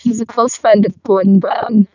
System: VC, vocoder